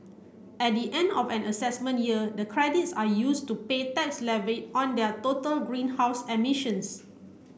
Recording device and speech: boundary microphone (BM630), read sentence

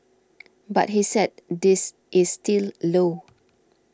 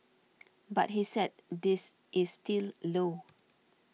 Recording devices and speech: standing microphone (AKG C214), mobile phone (iPhone 6), read sentence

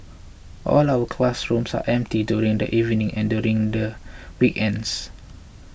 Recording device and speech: boundary microphone (BM630), read sentence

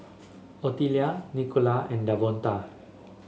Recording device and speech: mobile phone (Samsung S8), read sentence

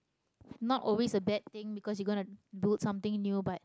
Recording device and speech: close-talking microphone, conversation in the same room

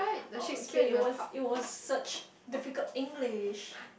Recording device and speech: boundary microphone, conversation in the same room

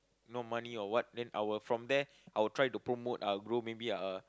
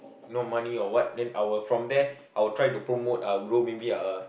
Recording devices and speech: close-talking microphone, boundary microphone, conversation in the same room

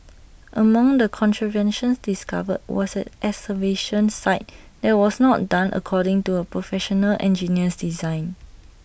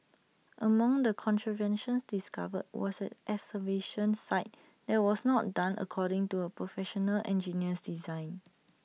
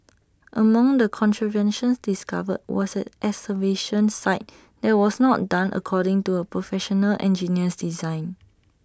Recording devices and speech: boundary microphone (BM630), mobile phone (iPhone 6), standing microphone (AKG C214), read sentence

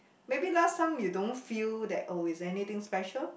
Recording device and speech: boundary microphone, conversation in the same room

